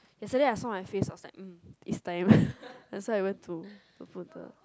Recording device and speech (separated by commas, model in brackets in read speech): close-talking microphone, conversation in the same room